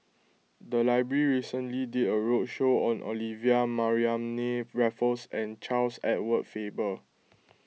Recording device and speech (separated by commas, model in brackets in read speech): mobile phone (iPhone 6), read sentence